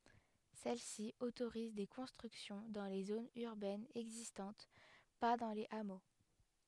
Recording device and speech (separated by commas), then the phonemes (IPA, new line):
headset microphone, read sentence
sɛl si otoʁiz de kɔ̃stʁyksjɔ̃ dɑ̃ le zonz yʁbɛnz ɛɡzistɑ̃t pa dɑ̃ lez amo